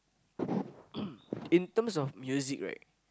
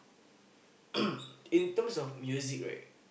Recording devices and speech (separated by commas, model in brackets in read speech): close-talking microphone, boundary microphone, conversation in the same room